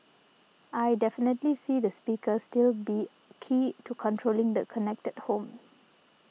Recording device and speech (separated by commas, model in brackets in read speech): mobile phone (iPhone 6), read sentence